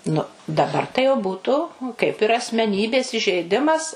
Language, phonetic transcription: Lithuanian, nu daˈbar tai jau ˈbūtu kaip ir asmeˈnybės įžeiˈdimas

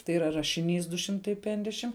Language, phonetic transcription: Lithuanian, tai yˈra rašiˈnys du ˈšimtai ˈpenkdešim

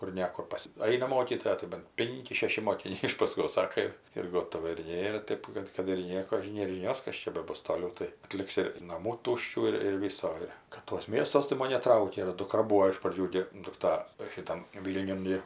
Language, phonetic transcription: Lithuanian, kur ˈne kur ˈpas ˈaina ˈmokytoja tai ban ˈpinki ˈšeši mokiˈniai iš paˈskos ˈsaka ir ir ˈgotova ir ˈnėra ˈtėp kad kad ir ˈnieko ˈnėr žiˈnios ˈkas čia beˈbus toˈliau tai aˈtliks ir naˈmų ˈtuščių ir ir ˈvyso ˈir kad tuos ˈmiestuos tai ˈmon neˈtraukia ir duˈkra ˈbūo iš praˈdžių gi dukˈta šiˈtam ˈvylniun gi

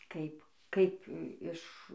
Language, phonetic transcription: Lithuanian, ˈkaip ˈkaip ˈiš

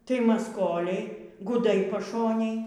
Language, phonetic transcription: Lithuanian, tai masˈkoliai guˈdai paˈšonėj

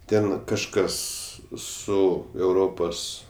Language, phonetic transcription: Lithuanian, ˈten kažˈkas ˈsu euˈropos

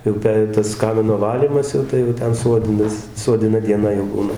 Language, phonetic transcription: Lithuanian, jau ˈpe tas ˈkamino ˈvalymas jau ˈtai jau ˈten ˈsuodinas suodiˈna dieˈna jau ˈbūna

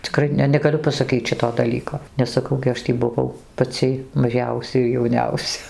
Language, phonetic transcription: Lithuanian, ciˈkrai ne negaˈliu pasaˈkyc ˈšito daˈlyko nes saˈkau gi ˈaš tį buˈvau paˈcy maˈžiausia ir jauˈniausia

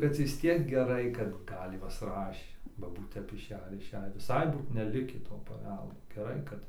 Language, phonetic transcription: Lithuanian, bet vis ˈtiek geˈrai kad ˈgal' ˈjuos ˈrašė ba ˈbūt tep išˈejį ir išˈejį viˈsai ˈbūt neˈlikį to paˈveldo geˈrai kad

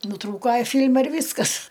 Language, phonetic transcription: Lithuanian, nuˈtrūko ˈfyl'ma ir ˈvyskas

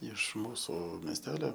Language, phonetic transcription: Lithuanian, iš ˈmūsu mesˈtelio

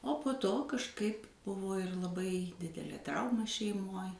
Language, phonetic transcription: Lithuanian, o po ˈto kažˈkaip ˈbuvo ir laˈbai ˈdidelė ˈtrauma šeiˈmoj

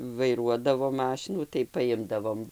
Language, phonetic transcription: Lithuanian, vaiˈruodavo ˈmašinų tai paˈimdavom

